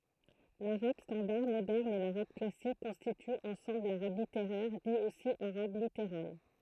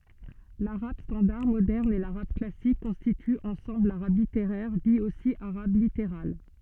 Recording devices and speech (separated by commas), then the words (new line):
throat microphone, soft in-ear microphone, read sentence
L'arabe standard moderne et l'arabe classique constituent ensemble l'arabe littéraire, dit aussi arabe littéral.